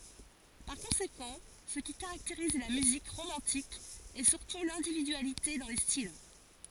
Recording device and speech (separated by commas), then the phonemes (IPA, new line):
forehead accelerometer, read sentence
paʁ kɔ̃sekɑ̃ sə ki kaʁakteʁiz la myzik ʁomɑ̃tik ɛ syʁtu lɛ̃dividyalite dɑ̃ le stil